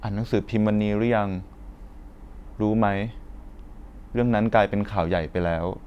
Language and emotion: Thai, neutral